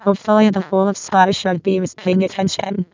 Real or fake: fake